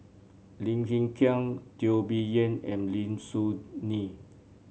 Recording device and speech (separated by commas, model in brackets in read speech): mobile phone (Samsung C7), read sentence